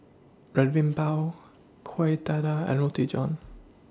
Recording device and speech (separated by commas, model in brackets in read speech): standing microphone (AKG C214), read sentence